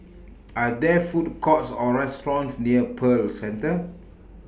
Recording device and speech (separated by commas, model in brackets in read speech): boundary microphone (BM630), read sentence